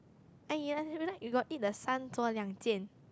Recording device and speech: close-talking microphone, conversation in the same room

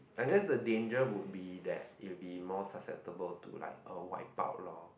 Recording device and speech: boundary microphone, conversation in the same room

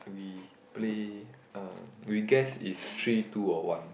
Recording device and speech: boundary microphone, conversation in the same room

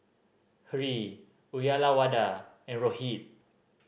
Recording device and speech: boundary microphone (BM630), read sentence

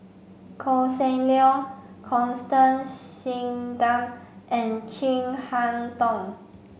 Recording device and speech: mobile phone (Samsung C5), read sentence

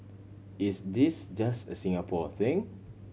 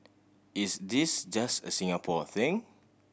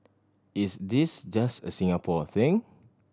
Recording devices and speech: mobile phone (Samsung C7100), boundary microphone (BM630), standing microphone (AKG C214), read sentence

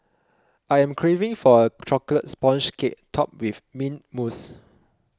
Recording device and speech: close-talking microphone (WH20), read sentence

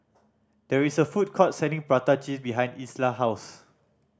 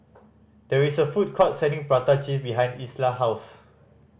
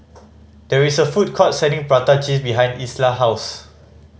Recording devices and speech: standing microphone (AKG C214), boundary microphone (BM630), mobile phone (Samsung C5010), read sentence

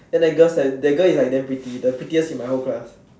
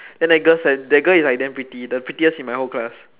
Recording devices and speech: standing microphone, telephone, conversation in separate rooms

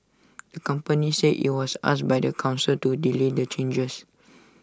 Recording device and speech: standing microphone (AKG C214), read sentence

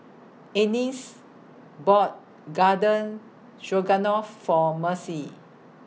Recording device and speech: mobile phone (iPhone 6), read sentence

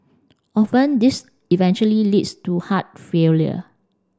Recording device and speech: standing microphone (AKG C214), read sentence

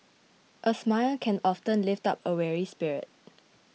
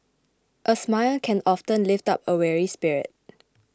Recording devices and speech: mobile phone (iPhone 6), close-talking microphone (WH20), read sentence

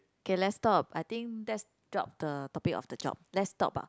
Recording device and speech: close-talking microphone, conversation in the same room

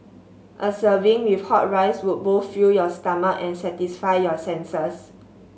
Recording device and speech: mobile phone (Samsung S8), read sentence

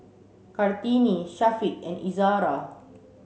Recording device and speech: mobile phone (Samsung C7), read sentence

